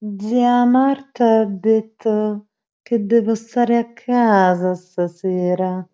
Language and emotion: Italian, disgusted